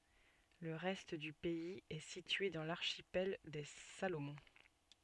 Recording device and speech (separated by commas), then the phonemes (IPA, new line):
soft in-ear microphone, read sentence
lə ʁɛst dy pɛiz ɛ sitye dɑ̃ laʁʃipɛl de salomɔ̃